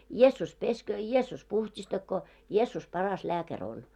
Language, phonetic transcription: Finnish, 'Jeessus 'pesköö , 'Jeessus 'puht̳́§istakkoo , 'Jeessus 'paras 'lääkär 'on. . «
- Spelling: Jeesus pesköön Jeesus puhdistakoon Jeesus paras lääkäri on

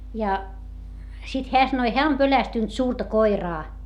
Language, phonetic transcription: Finnish, ja , sit heä sanoi » heä om pölästynt suurta koiraa » .
- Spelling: ja sitten hän sanoi hän on pelästynyt suurta koiraa

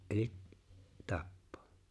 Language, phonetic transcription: Finnish, '’eliᵗ , 'tappᴏᴏ .
- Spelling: eli tappaa

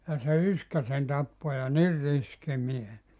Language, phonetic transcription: Finnish, ja se 'yskä sen 'tappo ja "nir 'riski 'mies .
- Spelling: ja se yskä sen tappoi ja niin riski mies

